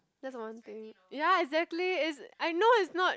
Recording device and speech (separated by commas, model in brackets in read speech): close-talking microphone, conversation in the same room